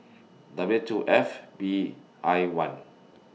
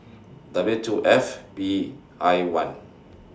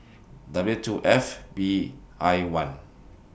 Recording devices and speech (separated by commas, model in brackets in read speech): mobile phone (iPhone 6), standing microphone (AKG C214), boundary microphone (BM630), read sentence